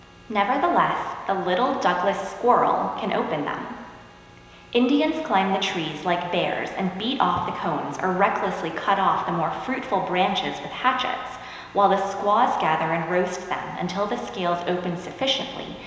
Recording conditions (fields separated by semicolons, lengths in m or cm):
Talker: one person; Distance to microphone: 1.7 m; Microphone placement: close; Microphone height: 1.0 m; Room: very reverberant, large; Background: none